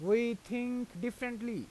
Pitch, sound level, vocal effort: 235 Hz, 91 dB SPL, very loud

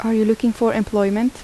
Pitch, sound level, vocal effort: 225 Hz, 78 dB SPL, soft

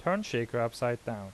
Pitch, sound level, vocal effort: 120 Hz, 84 dB SPL, normal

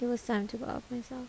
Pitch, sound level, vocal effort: 245 Hz, 76 dB SPL, soft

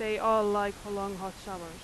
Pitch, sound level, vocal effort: 200 Hz, 92 dB SPL, very loud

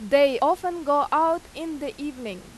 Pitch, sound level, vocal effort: 285 Hz, 93 dB SPL, very loud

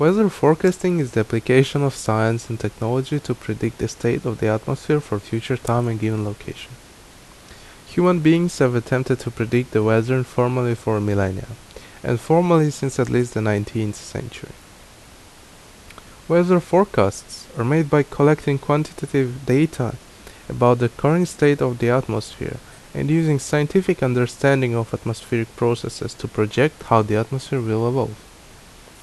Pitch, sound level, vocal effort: 125 Hz, 78 dB SPL, normal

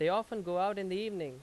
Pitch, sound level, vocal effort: 195 Hz, 93 dB SPL, very loud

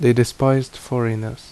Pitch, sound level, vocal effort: 120 Hz, 77 dB SPL, normal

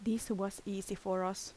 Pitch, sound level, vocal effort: 200 Hz, 77 dB SPL, soft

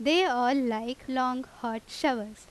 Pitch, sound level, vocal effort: 255 Hz, 88 dB SPL, loud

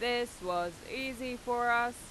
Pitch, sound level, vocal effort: 240 Hz, 95 dB SPL, very loud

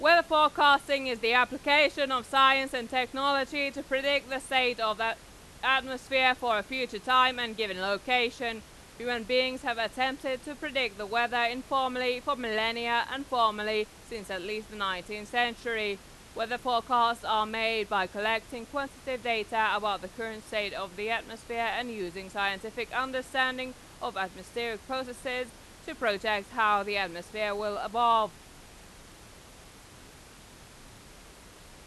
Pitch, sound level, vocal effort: 235 Hz, 97 dB SPL, very loud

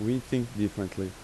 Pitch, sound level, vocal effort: 105 Hz, 82 dB SPL, normal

